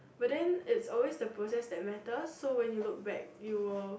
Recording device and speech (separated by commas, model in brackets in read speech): boundary microphone, conversation in the same room